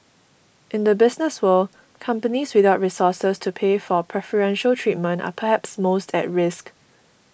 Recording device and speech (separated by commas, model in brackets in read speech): boundary microphone (BM630), read sentence